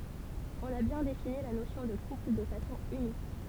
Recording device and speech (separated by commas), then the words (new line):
temple vibration pickup, read sentence
On a bien défini la notion de couple de façon unique.